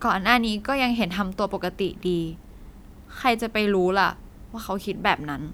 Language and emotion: Thai, frustrated